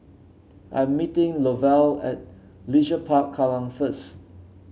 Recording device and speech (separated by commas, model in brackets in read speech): mobile phone (Samsung C7), read sentence